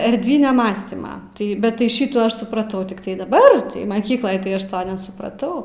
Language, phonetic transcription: Lithuanian, erdˈvinia ˈmąstyma ˈtai bet tai ˈšitų ˈaš supraˈtau tikˈtai daˈbar maˈkykloj tai ˈaš ˈto nesupraˈtau

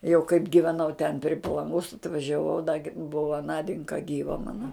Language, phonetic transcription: Lithuanian, jau kaip giveˈnau ten pri palanˈgos atvažiaˈvau da gi ˈbuva ˈnadinka ˈgyva ˈmana

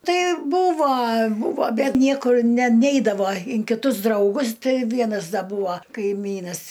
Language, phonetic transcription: Lithuanian, ˈtai ˈbūva ˈbūvo ˈbet ˈniekur ne ˈneidavo in kiˈtus drauˈgus ˈtɨ ˈvienas ˈda ˈbūva kaiˈmynas

